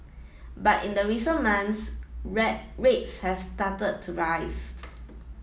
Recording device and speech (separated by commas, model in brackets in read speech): mobile phone (iPhone 7), read sentence